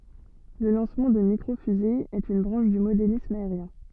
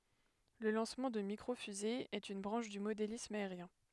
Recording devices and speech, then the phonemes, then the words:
soft in-ear microphone, headset microphone, read sentence
lə lɑ̃smɑ̃ də mikʁo fyze ɛt yn bʁɑ̃ʃ dy modelism aeʁjɛ̃
Le lancement de Micro fusée est une branche du modélisme aérien.

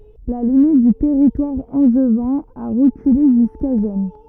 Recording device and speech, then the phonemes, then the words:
rigid in-ear microphone, read sentence
la limit dy tɛʁitwaʁ ɑ̃ʒvɛ̃ a ʁəkyle ʒyska ʒɛn
La limite du territoire angevin a reculé jusqu'à Gennes.

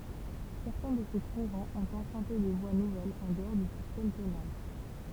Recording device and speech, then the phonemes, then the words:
temple vibration pickup, read sentence
sɛʁtɛ̃ də se kuʁɑ̃z ɔ̃t ɑ̃pʁœ̃te de vwa nuvɛlz ɑ̃ dəɔʁ dy sistɛm tonal
Certains de ces courants ont emprunté des voies nouvelles en dehors du système tonal.

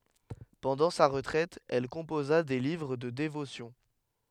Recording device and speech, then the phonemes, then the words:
headset microphone, read sentence
pɑ̃dɑ̃ sa ʁətʁɛt ɛl kɔ̃poza de livʁ də devosjɔ̃
Pendant sa retraite, elle composa des livres de dévotions.

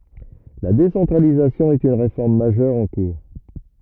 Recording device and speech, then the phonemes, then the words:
rigid in-ear microphone, read sentence
la desɑ̃tʁalizasjɔ̃ ɛt yn ʁefɔʁm maʒœʁ ɑ̃ kuʁ
La décentralisation est une réforme majeure en cours.

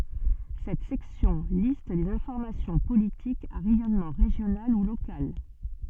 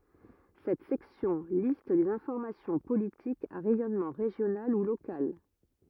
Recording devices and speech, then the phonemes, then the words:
soft in-ear microphone, rigid in-ear microphone, read sentence
sɛt sɛksjɔ̃ list le fɔʁmasjɔ̃ politikz a ʁɛjɔnmɑ̃ ʁeʒjonal u lokal
Cette section liste les formations politiques à rayonnement régional ou local.

